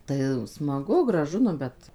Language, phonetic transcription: Lithuanian, tai smaˈgu graˈžu nu ˈbet

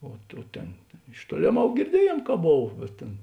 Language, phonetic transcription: Lithuanian, o ˈtų ˈtėn iš ˈtuolėˌmau girˈdiejėn ka ˈbov bet ˈtėn

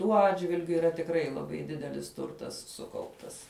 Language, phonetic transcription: Lithuanian, tuo ˈatžvilgiu yˈra tikˈrai laˈbai ˈdidelis ˈturtas ˈsukauptas

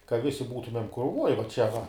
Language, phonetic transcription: Lithuanian, ka ˈvisi ˈbūtumem kruˈvoj va ˈčia va

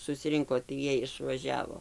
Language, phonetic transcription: Lithuanian, susiˈrinko tai ˈjiej išvaˈžiavo

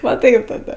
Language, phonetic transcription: Lithuanian, va ˈtaip taˈda

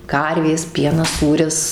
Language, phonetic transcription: Lithuanian, ˈkarvės ˈpienas ˈsūris

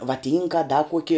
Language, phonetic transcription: Lithuanian, vaˈtynka a da ˈkuoki

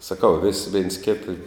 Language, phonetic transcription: Lithuanian, saˈkau vis vėns ˈkėta

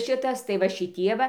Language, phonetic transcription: Lithuanian, ˈšitas tai va šiˈtie va

